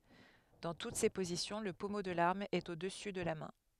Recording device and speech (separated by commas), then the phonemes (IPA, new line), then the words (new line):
headset microphone, read sentence
dɑ̃ tut se pozisjɔ̃ lə pɔmo də laʁm ɛt o dəsy də la mɛ̃
Dans toutes ces positions, le pommeau de l'arme est au-dessus de la main.